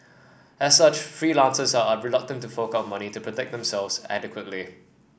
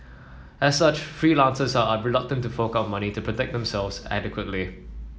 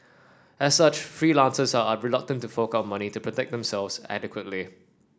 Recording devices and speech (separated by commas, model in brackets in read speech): boundary microphone (BM630), mobile phone (iPhone 7), standing microphone (AKG C214), read sentence